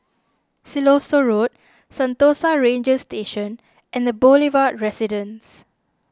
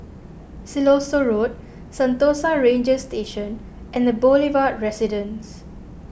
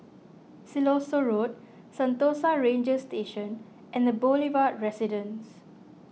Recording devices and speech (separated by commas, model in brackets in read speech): standing microphone (AKG C214), boundary microphone (BM630), mobile phone (iPhone 6), read sentence